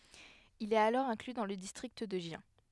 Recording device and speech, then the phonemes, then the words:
headset microphone, read sentence
il ɛt alɔʁ ɛ̃kly dɑ̃ lə distʁikt də ʒjɛ̃
Il est alors inclus dans le district de Gien.

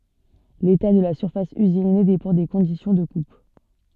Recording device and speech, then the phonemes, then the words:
soft in-ear microphone, read sentence
leta də la syʁfas yzine depɑ̃ de kɔ̃disjɔ̃ də kup
L'état de la surface usinée dépend des conditions de coupe.

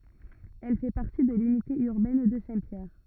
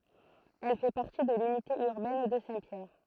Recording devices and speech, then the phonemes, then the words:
rigid in-ear microphone, throat microphone, read sentence
ɛl fɛ paʁti də lynite yʁbɛn də sɛ̃tpjɛʁ
Elle fait partie de l'unité urbaine de Saint-Pierre.

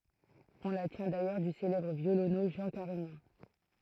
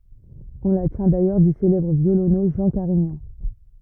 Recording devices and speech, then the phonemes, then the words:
throat microphone, rigid in-ear microphone, read sentence
ɔ̃ la tjɛ̃ dajœʁ dy selɛbʁ vjolonø ʒɑ̃ kaʁiɲɑ̃
On la tient d’ailleurs du célèbre violoneux Jean Carignan.

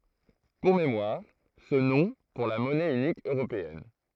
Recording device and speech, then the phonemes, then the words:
throat microphone, read sentence
puʁ memwaʁ sə nɔ̃ puʁ la mɔnɛ ynik øʁopeɛn
Pour mémoire, ce nom pour la monnaie unique européenne.

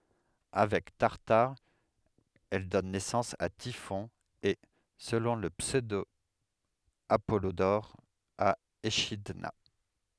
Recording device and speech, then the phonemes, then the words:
headset microphone, read sentence
avɛk taʁtaʁ ɛl dɔn nɛsɑ̃s a tifɔ̃ e səlɔ̃ lə psødo apɔlodɔʁ a eʃidna
Avec Tartare, elle donne naissance à Typhon et, selon le pseudo-Apollodore, à Échidna.

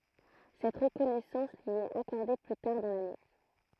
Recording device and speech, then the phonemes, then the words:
throat microphone, read sentence
sɛt ʁəkɔnɛsɑ̃s lyi ɛt akɔʁde ply taʁ dɑ̃ lane
Cette reconnaissance lui est accordée plus tard dans l'année.

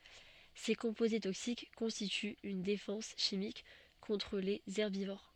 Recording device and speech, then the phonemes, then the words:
soft in-ear microphone, read sentence
se kɔ̃poze toksik kɔ̃stityt yn defɑ̃s ʃimik kɔ̃tʁ lez ɛʁbivoʁ
Ces composés toxiques constituent une défense chimique contre les herbivores.

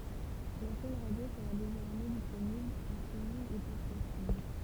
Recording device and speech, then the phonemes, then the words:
temple vibration pickup, read sentence
la ʃɛn ʁadjo səʁa dezɔʁmɛ disponibl ɑ̃ stʁiminɡ e pɔdkastinɡ
La chaîne radio sera désormais disponible en streaming et podcasting.

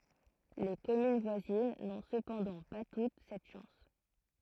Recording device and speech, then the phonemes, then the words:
throat microphone, read sentence
le kɔmyn vwazin nɔ̃ səpɑ̃dɑ̃ pa tut sɛt ʃɑ̃s
Les communes voisines n'ont cependant pas toutes cette chance.

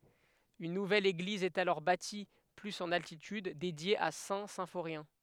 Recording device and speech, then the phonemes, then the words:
headset microphone, read sentence
yn nuvɛl eɡliz ɛt alɔʁ bati plyz ɑ̃n altityd dedje a sɛ̃ sɛ̃foʁjɛ̃
Une nouvelle église est alors bâtie plus en altitude, dédiée à Saint-Symphorien.

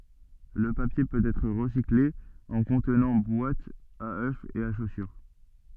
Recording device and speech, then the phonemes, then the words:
soft in-ear microphone, read sentence
lə papje pøt ɛtʁ ʁəsikle ɑ̃ kɔ̃tnɑ̃ bwatz a ø e a ʃosyʁ
Le papier peut être recyclé en contenants: boîtes à œufs et à chaussures.

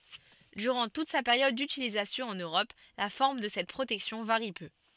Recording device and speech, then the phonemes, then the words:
soft in-ear microphone, read sentence
dyʁɑ̃ tut sa peʁjɔd dytilizasjɔ̃ ɑ̃n øʁɔp la fɔʁm də sɛt pʁotɛksjɔ̃ vaʁi pø
Durant toute sa période d'utilisation en Europe, la forme de cette protection varie peu.

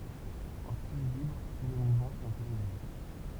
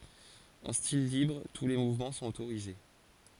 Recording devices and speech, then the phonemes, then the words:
temple vibration pickup, forehead accelerometer, read sentence
ɑ̃ stil libʁ tu le muvmɑ̃ sɔ̃t otoʁize
En style libre, tous les mouvements sont autorisés.

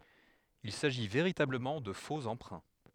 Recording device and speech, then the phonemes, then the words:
headset microphone, read sentence
il saʒi veʁitabləmɑ̃ də fo ɑ̃pʁɛ̃
Il s'agit véritablement de faux emprunts.

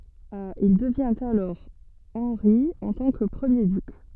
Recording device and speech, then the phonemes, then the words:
soft in-ear microphone, read sentence
il dəvjɛ̃t alɔʁ ɑ̃ʁi ɑ̃ tɑ̃ kə pʁəmje dyk
Il devient alors Henri en tant que premier duc.

